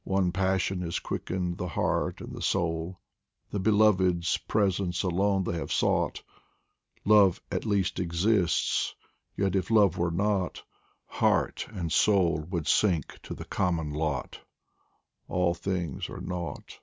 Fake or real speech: real